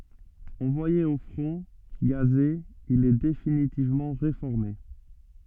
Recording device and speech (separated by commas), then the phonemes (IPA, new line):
soft in-ear microphone, read sentence
ɑ̃vwaje o fʁɔ̃ ɡaze il ɛ definitivmɑ̃ ʁefɔʁme